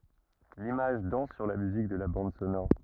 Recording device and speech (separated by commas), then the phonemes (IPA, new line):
rigid in-ear microphone, read sentence
limaʒ dɑ̃s syʁ la myzik də la bɑ̃d sonɔʁ